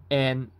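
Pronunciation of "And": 'And' is said on a mid tone.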